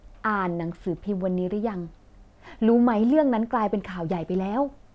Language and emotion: Thai, frustrated